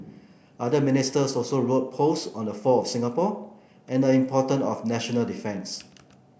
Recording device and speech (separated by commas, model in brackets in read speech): boundary microphone (BM630), read sentence